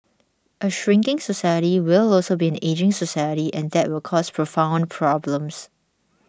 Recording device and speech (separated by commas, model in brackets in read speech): standing microphone (AKG C214), read sentence